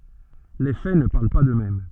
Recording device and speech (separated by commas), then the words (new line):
soft in-ear microphone, read sentence
Les faits ne parlent pas d’eux-mêmes.